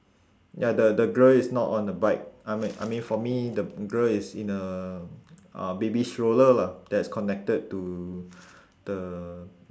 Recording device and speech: standing microphone, conversation in separate rooms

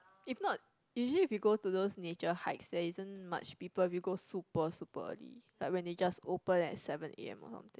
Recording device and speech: close-talking microphone, conversation in the same room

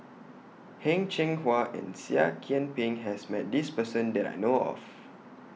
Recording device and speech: mobile phone (iPhone 6), read sentence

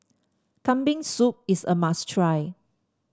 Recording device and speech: standing microphone (AKG C214), read sentence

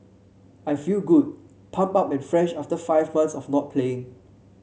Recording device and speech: mobile phone (Samsung C7), read sentence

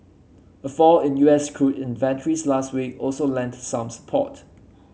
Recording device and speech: mobile phone (Samsung C7), read sentence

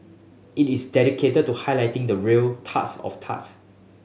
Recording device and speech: mobile phone (Samsung S8), read sentence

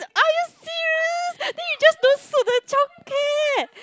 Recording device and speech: close-talking microphone, conversation in the same room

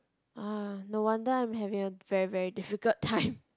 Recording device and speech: close-talking microphone, conversation in the same room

